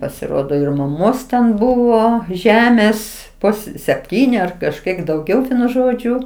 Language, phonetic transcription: Lithuanian, pasiˈrodo ir maˈmos ten ˈbuvo ˈžemės ˈpus sepˈtyni ar kažˈkiek dauˈgiau ˈvienu ˈžodžiu

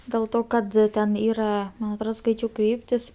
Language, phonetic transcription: Lithuanian, dėl ˈto kad ˈten ˈyra man atˈrod ˈskaičiau ˈkryptis

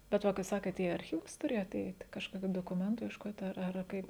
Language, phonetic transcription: Lithuanian, bet ˈva kai ˈsakėt į arˈchyvus ˈturėjot ˈeit' kažˈkokiu dokuˈmentu iešˈkot' ˈar ˈar ˈkaip

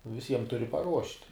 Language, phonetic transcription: Lithuanian, viˈsiem ˈturi paˈruošt'

